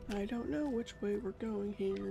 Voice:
singsong voice